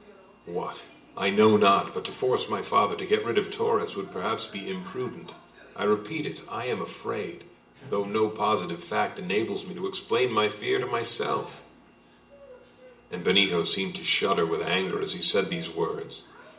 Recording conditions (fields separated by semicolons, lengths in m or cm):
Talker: one person; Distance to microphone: 1.8 m; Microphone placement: close; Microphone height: 1.0 m; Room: large; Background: television